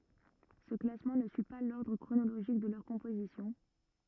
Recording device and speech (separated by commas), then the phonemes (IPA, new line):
rigid in-ear microphone, read sentence
sə klasmɑ̃ nə syi pa lɔʁdʁ kʁonoloʒik də lœʁ kɔ̃pozisjɔ̃